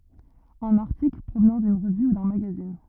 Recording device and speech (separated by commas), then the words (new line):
rigid in-ear microphone, read sentence
Un article, provenant d'une revue ou d'un magazine.